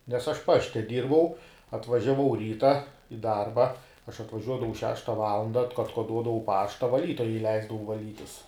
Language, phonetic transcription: Lithuanian, nes ˈaš ˈpašte ˈdyrbau atvažiaˈvau ˈryta i ˈdarba aš atvaˈžiuodavau ˈšešta ˈvalanda at atkoˈduodavau ˈpašta vaˈlytoja iˈleisdavau vaˈlytis

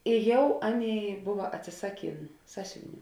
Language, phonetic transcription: Lithuanian, i ˈjau ˈaˌnėi ˈbuva atsiˈsaˌkėn ˈsasiuviˌnių

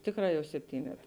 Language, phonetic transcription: Lithuanian, ˈtėkˌrā jau sepˈtynet

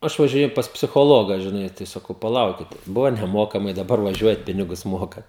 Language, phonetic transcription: Lithuanian, ˈaš važiˈnėju pas psichoˈloga žiˈnai tai saˈkau paˈlaukite ˈbuvo neˈmokamai daˈbar vaˈžiuojat ˈpinigus ˈmokat

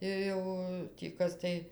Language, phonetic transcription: Lithuanian, ir ˈjau tį ˈkas tai

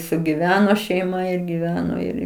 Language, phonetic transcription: Lithuanian, sugiˈveno šeiˈma ir giˈveno ˈir

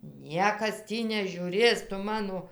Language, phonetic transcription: Lithuanian, ˈniekas ˈtį nežiūˈrės ˈtu ˈmano

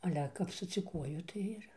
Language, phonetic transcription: Lithuanian, aˈle kap sudziuˈkuoju tai ˈir

